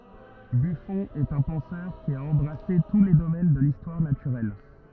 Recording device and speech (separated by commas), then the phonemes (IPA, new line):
rigid in-ear microphone, read sentence
byfɔ̃ ɛt œ̃ pɑ̃sœʁ ki a ɑ̃bʁase tu le domɛn də listwaʁ natyʁɛl